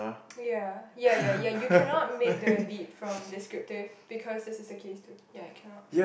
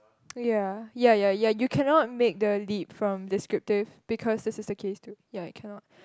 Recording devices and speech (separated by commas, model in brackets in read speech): boundary microphone, close-talking microphone, conversation in the same room